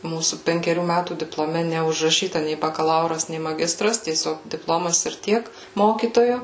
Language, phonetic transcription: Lithuanian, ˈmūsų penkeˈrių ˈmætų diploˈme neužraˈšyta nei bakaˈlauras nei maˈgistras tieˈsiog dipˈlomas ir ˈtiek ˈmokytojo

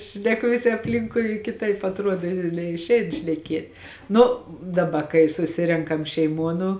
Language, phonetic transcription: Lithuanian, šneˈku viˈsi apˈlinkui kiˈtaip atˈruod neišˈein šneˈkėt ˈnu daˈba kai suˈsirenkam šeiˈmuo nu

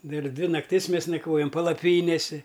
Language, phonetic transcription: Lithuanian, ˈdar ˈdvi nakˈtis ˈmės nakˈvojam palaˈpynėsi

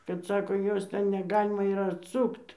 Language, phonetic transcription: Lithuanian, kad ˈsako ˈjos ˈten neˈgalima ir atˈsukt

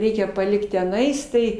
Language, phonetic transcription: Lithuanian, ˈreikia paˈlikt teˈnais tai

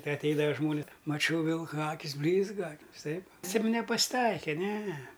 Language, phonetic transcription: Lithuanian, ti atˈeidava ˈžmonis maˈčiau ˈvilka ˈakis ˈblyzga viˈsaip siem nepas'ˈtaike ˈne

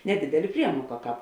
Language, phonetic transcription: Lithuanian, neˈdidelė ˈpriemuoka ˈkāp

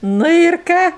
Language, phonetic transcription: Lithuanian, ˈnu ir ˈką

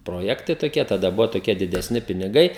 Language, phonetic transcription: Lithuanian, proˈjektai toˈkie taˈda ˈbuvo toˈkie dideˈsni piniˈgai

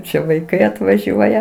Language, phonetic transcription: Lithuanian, ˈčia vaiˈkai atvaˈžiuoja

